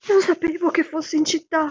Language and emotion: Italian, fearful